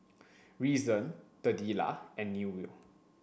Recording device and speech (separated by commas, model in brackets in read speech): boundary microphone (BM630), read sentence